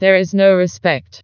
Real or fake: fake